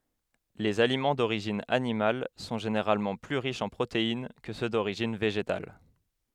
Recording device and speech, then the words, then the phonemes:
headset microphone, read sentence
Les aliments d'origine animale sont généralement plus riches en protéines que ceux d'origine végétale.
lez alimɑ̃ doʁiʒin animal sɔ̃ ʒeneʁalmɑ̃ ply ʁiʃz ɑ̃ pʁotein kə sø doʁiʒin veʒetal

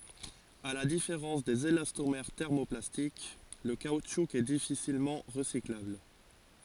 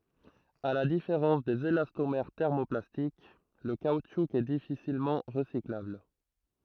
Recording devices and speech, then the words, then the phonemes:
forehead accelerometer, throat microphone, read sentence
À la différence des élastomères thermoplastiques, le caoutchouc est difficilement recyclable.
a la difeʁɑ̃s dez elastomɛʁ tɛʁmoplastik lə kautʃu ɛ difisilmɑ̃ ʁəsiklabl

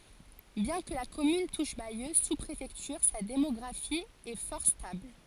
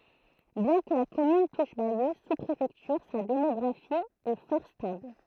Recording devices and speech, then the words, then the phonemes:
forehead accelerometer, throat microphone, read sentence
Bien que la commune touche Bayeux, sous-préfecture, sa démographie est fort stable.
bjɛ̃ kə la kɔmyn tuʃ bajø su pʁefɛktyʁ sa demɔɡʁafi ɛ fɔʁ stabl

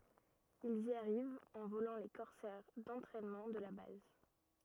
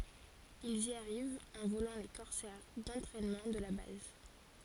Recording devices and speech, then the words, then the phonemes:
rigid in-ear microphone, forehead accelerometer, read sentence
Ils y arrivent en volant les Corsair d'entraînement de la base.
ilz i aʁivt ɑ̃ volɑ̃ le kɔʁsɛʁ dɑ̃tʁɛnmɑ̃ də la baz

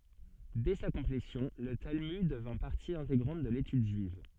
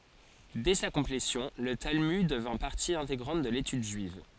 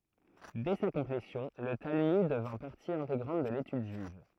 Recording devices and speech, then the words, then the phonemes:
soft in-ear microphone, forehead accelerometer, throat microphone, read sentence
Dès sa complétion, le Talmud devint partie intégrante de l'étude juive.
dɛ sa kɔ̃plesjɔ̃ lə talmyd dəvɛ̃ paʁti ɛ̃teɡʁɑ̃t də letyd ʒyiv

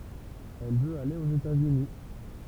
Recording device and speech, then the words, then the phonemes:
temple vibration pickup, read sentence
Elle veut aller aux États-Unis.
ɛl vøt ale oz etatsyni

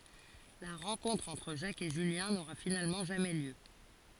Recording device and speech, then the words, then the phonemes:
forehead accelerometer, read sentence
La rencontre entre Jacques et Julien n'aura finalement jamais lieu.
la ʁɑ̃kɔ̃tʁ ɑ̃tʁ ʒak e ʒyljɛ̃ noʁa finalmɑ̃ ʒamɛ ljø

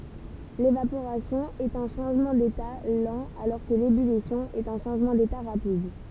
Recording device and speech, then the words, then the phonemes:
temple vibration pickup, read sentence
L'évaporation est un changement d'état lent alors que l'ébullition est un changement d'état rapide.
levapoʁasjɔ̃ ɛt œ̃ ʃɑ̃ʒmɑ̃ deta lɑ̃ alɔʁ kə lebylisjɔ̃ ɛt œ̃ ʃɑ̃ʒmɑ̃ deta ʁapid

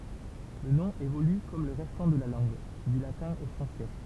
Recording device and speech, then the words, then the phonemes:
temple vibration pickup, read sentence
Le nom évolue comme le restant de la langue, du latin au français.
lə nɔ̃ evoly kɔm lə ʁɛstɑ̃ də la lɑ̃ɡ dy latɛ̃ o fʁɑ̃sɛ

